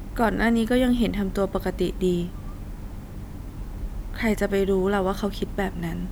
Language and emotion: Thai, sad